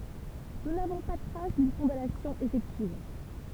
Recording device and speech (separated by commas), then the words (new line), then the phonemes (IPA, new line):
temple vibration pickup, read sentence
Nous n'avons pas trace d'une condamnation effective.
nu navɔ̃ pa tʁas dyn kɔ̃danasjɔ̃ efɛktiv